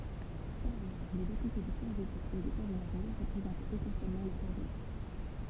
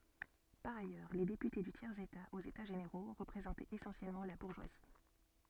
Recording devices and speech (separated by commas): temple vibration pickup, soft in-ear microphone, read sentence